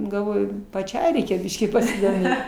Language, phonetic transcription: Lithuanian, galˈvoju paˈčiai ˈreikia ˈbiškį pasidoˈmėt

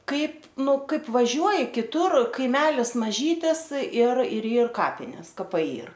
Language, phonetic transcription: Lithuanian, ˈkaip ˈnu ˈkaip vaˈžiuoji kiˈtur kaiˈmelis maˈžytis ir ir ˈyr ˈkapinės kaˈpai ˈyr

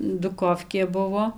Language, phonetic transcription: Lithuanian, duˈkofkė ˈbuvo

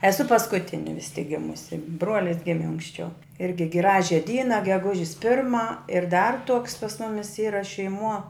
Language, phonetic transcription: Lithuanian, eˈsu paskuˈtini vis tik ˈgimusi ˈbruolis ˈgimi anksˈčiau ˈirgi ˈgražia ˈdyna geˈgužis ˈpirma ir dar tuoks pas ˈmumis ˈyra šeiˈmuo

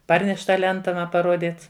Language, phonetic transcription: Lithuanian, ˈparneš' ˈtą ˈlenta ˈma paˈruodyt

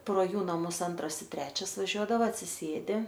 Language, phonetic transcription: Lithuanian, pro ˈjų naˈmus ˈantras i ˈtrečias vaˈžiuodava atsiˈsėdi

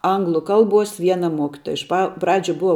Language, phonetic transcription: Lithuanian, ˈanglu ˈkalbuos ˈviena ˈmuokitoja iš ˈpa ˈpradžiu ˈbuva

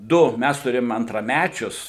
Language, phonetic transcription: Lithuanian, ˈdu ˈmæs tuˈrėjom antraˈmæčius

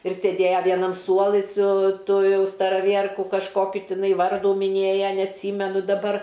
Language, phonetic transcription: Lithuanian, ir sėˈdėja ˈvienam ˈsuolɨ su ˈtu ˈjau staraˈvierku kažˈkokiu ˈtiˈnai ˈvardų miˈnėja neatˈsymenu daˈbar

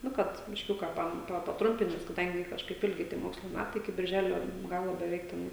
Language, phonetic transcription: Lithuanian, ˈnu kad bišˈkiuka ˈpa paˈtrumpint ˈnes kaˈdangi kažˈkaip ilgi tie ˈmokslo ˈmætai iki birˈželio ˈgalo beˈveik teˈnai

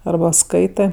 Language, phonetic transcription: Lithuanian, arˈba ˈskaitɜ

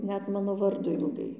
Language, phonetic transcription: Lithuanian, ˈnet ˈmano ˈvardo ilˈgai

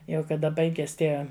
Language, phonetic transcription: Lithuanian, ˈjau kaˈda ˈbaiges ˈtie

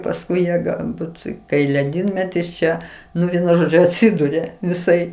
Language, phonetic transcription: Lithuanian, pasˈkui ˈjie galˈbūt kai leˈdynmetis ˈčia ˈnu ˈvienu ˈžodžiu atˈsiduria viˈsai

